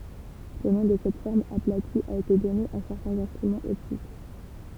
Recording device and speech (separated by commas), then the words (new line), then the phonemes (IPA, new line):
temple vibration pickup, read sentence
Le nom de cette forme aplatie a été donné à certains instruments optiques.
lə nɔ̃ də sɛt fɔʁm aplati a ete dɔne a sɛʁtɛ̃z ɛ̃stʁymɑ̃z ɔptik